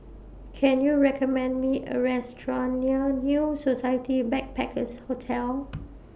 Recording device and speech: boundary microphone (BM630), read sentence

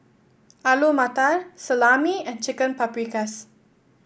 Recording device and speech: boundary microphone (BM630), read sentence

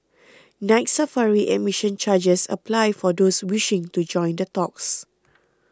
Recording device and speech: close-talking microphone (WH20), read sentence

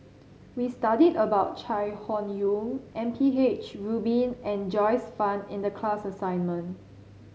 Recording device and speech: mobile phone (Samsung C7), read sentence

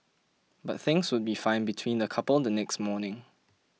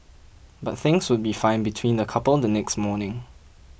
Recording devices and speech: mobile phone (iPhone 6), boundary microphone (BM630), read sentence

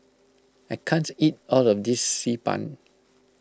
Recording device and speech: close-talking microphone (WH20), read sentence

